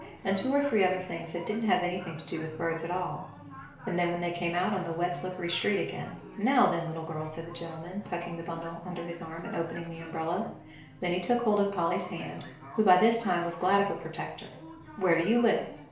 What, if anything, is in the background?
A television.